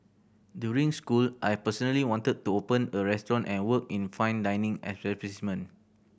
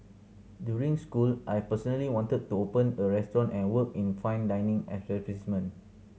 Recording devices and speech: boundary microphone (BM630), mobile phone (Samsung C7100), read sentence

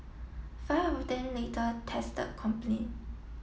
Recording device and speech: mobile phone (iPhone 7), read sentence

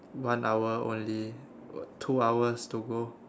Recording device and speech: standing microphone, conversation in separate rooms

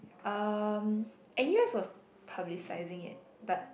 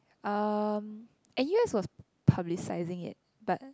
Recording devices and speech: boundary microphone, close-talking microphone, conversation in the same room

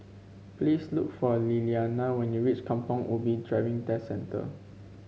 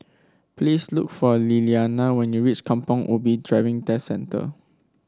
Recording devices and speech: mobile phone (Samsung C5), standing microphone (AKG C214), read sentence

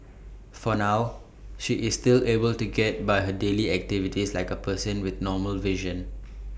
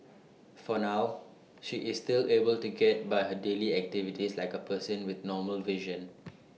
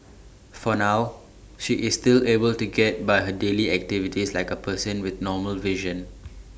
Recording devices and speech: boundary microphone (BM630), mobile phone (iPhone 6), standing microphone (AKG C214), read sentence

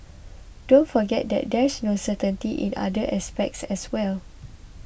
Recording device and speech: boundary microphone (BM630), read sentence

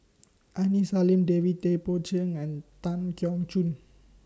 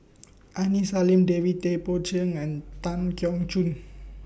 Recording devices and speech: standing microphone (AKG C214), boundary microphone (BM630), read sentence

